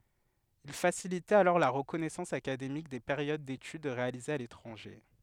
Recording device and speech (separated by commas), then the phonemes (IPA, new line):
headset microphone, read sentence
il fasilitɛt alɔʁ la ʁəkɔnɛsɑ̃s akademik de peʁjod detyd ʁealizez a letʁɑ̃ʒe